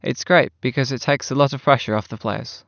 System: none